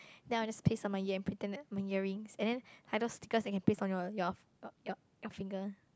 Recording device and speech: close-talking microphone, conversation in the same room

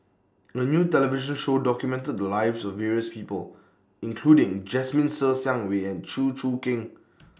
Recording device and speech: standing microphone (AKG C214), read sentence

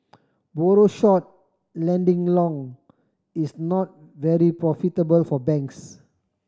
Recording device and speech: standing microphone (AKG C214), read sentence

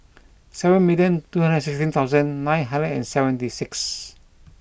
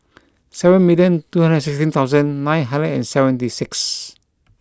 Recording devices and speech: boundary microphone (BM630), close-talking microphone (WH20), read sentence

